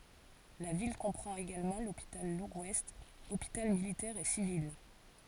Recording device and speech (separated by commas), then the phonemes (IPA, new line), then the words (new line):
forehead accelerometer, read sentence
la vil kɔ̃pʁɑ̃t eɡalmɑ̃ lopital ləɡwɛst opital militɛʁ e sivil
La ville comprend également l'Hôpital Legouest, hôpital militaire et civil.